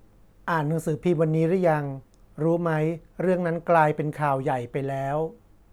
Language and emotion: Thai, neutral